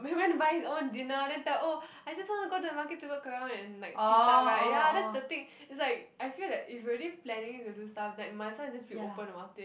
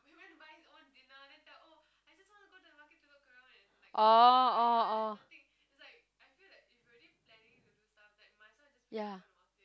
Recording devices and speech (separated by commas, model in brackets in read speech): boundary microphone, close-talking microphone, conversation in the same room